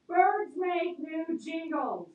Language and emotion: English, neutral